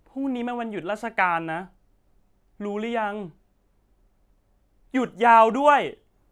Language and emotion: Thai, frustrated